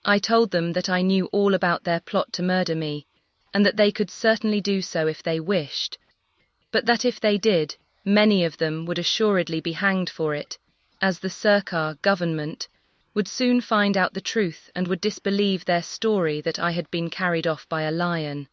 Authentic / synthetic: synthetic